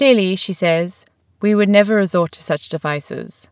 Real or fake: real